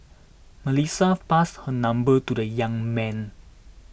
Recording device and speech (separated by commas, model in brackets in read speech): boundary microphone (BM630), read sentence